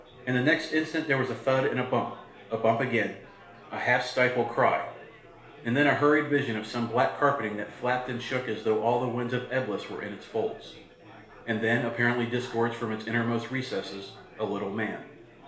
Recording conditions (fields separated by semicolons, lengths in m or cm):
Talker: one person; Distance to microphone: 1.0 m; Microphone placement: close; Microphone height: 1.1 m; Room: small (3.7 m by 2.7 m); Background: babble